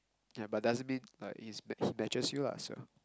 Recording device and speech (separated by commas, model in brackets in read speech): close-talking microphone, conversation in the same room